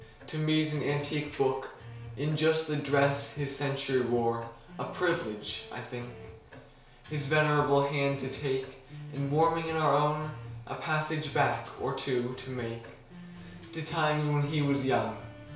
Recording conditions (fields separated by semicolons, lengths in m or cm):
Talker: one person; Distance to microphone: 1.0 m; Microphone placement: close; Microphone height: 1.1 m; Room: small (3.7 m by 2.7 m); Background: music